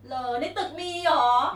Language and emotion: Thai, happy